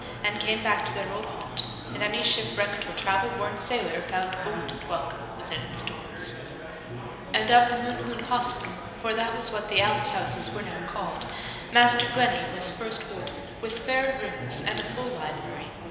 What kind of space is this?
A very reverberant large room.